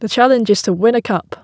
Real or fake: real